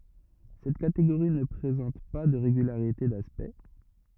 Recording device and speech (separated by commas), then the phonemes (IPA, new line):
rigid in-ear microphone, read sentence
sɛt kateɡoʁi nə pʁezɑ̃t pa də ʁeɡylaʁite daspɛkt